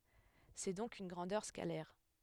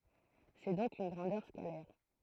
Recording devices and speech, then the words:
headset microphone, throat microphone, read sentence
C'est donc une grandeur scalaire.

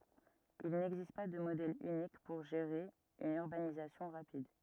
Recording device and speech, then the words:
rigid in-ear microphone, read sentence
Il n'existe pas de modèle unique pour gérer une urbanisation rapide.

